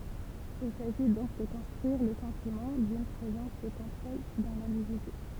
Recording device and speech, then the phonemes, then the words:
temple vibration pickup, read sentence
il saʒi dɔ̃k də kɔ̃stʁyiʁ lə sɑ̃timɑ̃ dyn pʁezɑ̃s də kɔ̃tʁol dɑ̃ lɛ̃dividy
Il s'agit donc de construire le sentiment d'une présence de contrôle dans l’individu.

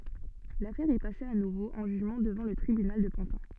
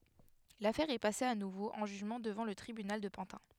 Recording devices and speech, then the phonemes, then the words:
soft in-ear microphone, headset microphone, read sentence
lafɛʁ ɛ pase a nuvo ɑ̃ ʒyʒmɑ̃ dəvɑ̃ lə tʁibynal də pɑ̃tɛ̃
L'affaire est passée à nouveau en jugement devant le tribunal de Pantin.

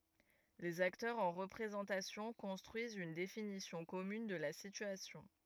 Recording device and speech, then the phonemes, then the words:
rigid in-ear microphone, read sentence
lez aktœʁz ɑ̃ ʁəpʁezɑ̃tasjɔ̃ kɔ̃stʁyizt yn definisjɔ̃ kɔmyn də la sityasjɔ̃
Les acteurs en représentation construisent une définition commune de la situation.

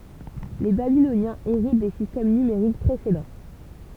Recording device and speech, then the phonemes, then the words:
temple vibration pickup, read sentence
le babilonjɛ̃z eʁit de sistɛm nymeʁik pʁesedɑ̃
Les Babyloniens héritent des systèmes numériques précédents.

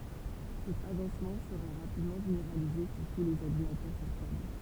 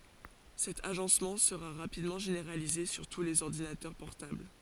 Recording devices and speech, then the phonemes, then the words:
temple vibration pickup, forehead accelerometer, read sentence
sɛt aʒɑ̃smɑ̃ səʁa ʁapidmɑ̃ ʒeneʁalize syʁ tu lez ɔʁdinatœʁ pɔʁtabl
Cet agencement sera rapidement généralisé sur tous les ordinateurs portables.

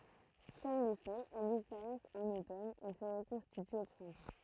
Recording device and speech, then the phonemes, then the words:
throat microphone, read sentence
kɔm le fœjz ɛl dispaʁɛst ɑ̃n otɔn e sə ʁəkɔ̃stityt o pʁɛ̃tɑ̃
Comme les feuilles, elles disparaissent en automne et se reconstituent au printemps.

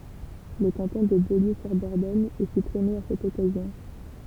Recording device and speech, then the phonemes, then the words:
temple vibration pickup, read sentence
lə kɑ̃tɔ̃ də boljøzyʁdɔʁdɔɲ ɛ sypʁime a sɛt ɔkazjɔ̃
Le canton de Beaulieu-sur-Dordogne est supprimé à cette occasion.

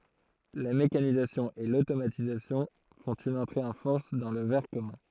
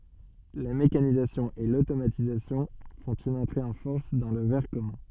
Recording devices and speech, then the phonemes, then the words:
throat microphone, soft in-ear microphone, read sentence
la mekanizasjɔ̃ e lotomatizasjɔ̃ fɔ̃t yn ɑ̃tʁe ɑ̃ fɔʁs dɑ̃ lə vɛʁ kɔmœ̃
La mécanisation et l'automatisation font une entrée en force dans le verre commun.

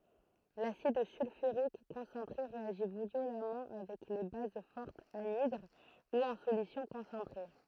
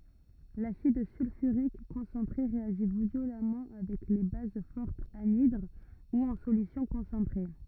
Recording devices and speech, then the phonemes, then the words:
throat microphone, rigid in-ear microphone, read sentence
lasid sylfyʁik kɔ̃sɑ̃tʁe ʁeaʒi vjolamɑ̃ avɛk le baz fɔʁtz anidʁ u ɑ̃ solysjɔ̃ kɔ̃sɑ̃tʁe
L'acide sulfurique concentré réagit violemment avec les bases fortes anhydres ou en solutions concentrées.

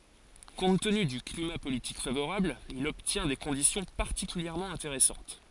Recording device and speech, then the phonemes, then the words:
forehead accelerometer, read sentence
kɔ̃t təny dy klima politik favoʁabl il ɔbtjɛ̃ de kɔ̃disjɔ̃ paʁtikyljɛʁmɑ̃ ɛ̃teʁɛsɑ̃t
Compte tenu du climat politique favorable, il obtient des conditions particulièrement intéressantes.

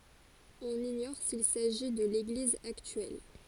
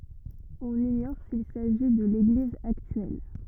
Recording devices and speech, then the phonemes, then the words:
forehead accelerometer, rigid in-ear microphone, read sentence
ɔ̃n iɲɔʁ sil saʒi də leɡliz aktyɛl
On ignore s´il s´agit de l´église actuelle.

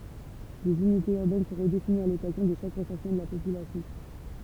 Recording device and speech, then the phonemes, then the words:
temple vibration pickup, read sentence
lez ynitez yʁbɛn sɔ̃ ʁədefiniz a lɔkazjɔ̃ də ʃak ʁəsɑ̃smɑ̃ də la popylasjɔ̃
Les unités urbaines sont redéfinies à l’occasion de chaque recensement de la population.

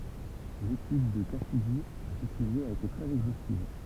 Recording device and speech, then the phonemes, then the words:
temple vibration pickup, read sentence
letyd də kasidi a sə syʒɛ a ete tʁɛz ɛɡzostiv
L'étude de Cassidy à ce sujet a été très exhaustive.

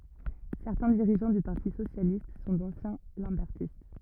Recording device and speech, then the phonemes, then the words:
rigid in-ear microphone, read sentence
sɛʁtɛ̃ diʁiʒɑ̃ dy paʁti sosjalist sɔ̃ dɑ̃sjɛ̃ lɑ̃bɛʁtist
Certains dirigeants du Parti socialiste sont d'anciens lambertistes.

